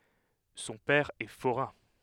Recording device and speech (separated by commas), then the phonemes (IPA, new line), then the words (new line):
headset microphone, read sentence
sɔ̃ pɛʁ ɛ foʁɛ̃
Son père est forain.